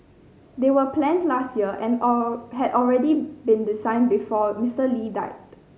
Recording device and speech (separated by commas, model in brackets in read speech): mobile phone (Samsung C5010), read sentence